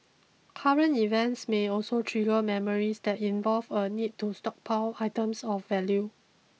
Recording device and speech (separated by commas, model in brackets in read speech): mobile phone (iPhone 6), read sentence